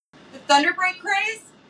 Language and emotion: English, surprised